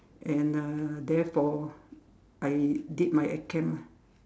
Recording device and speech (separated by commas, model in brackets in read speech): standing microphone, conversation in separate rooms